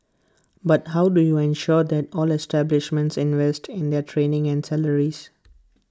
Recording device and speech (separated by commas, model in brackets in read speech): close-talking microphone (WH20), read sentence